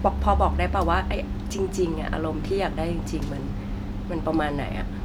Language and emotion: Thai, neutral